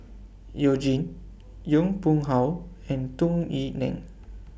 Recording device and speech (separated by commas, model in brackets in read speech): boundary microphone (BM630), read sentence